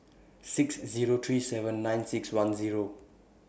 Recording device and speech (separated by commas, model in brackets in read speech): boundary microphone (BM630), read sentence